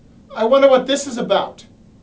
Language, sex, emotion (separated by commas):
English, male, fearful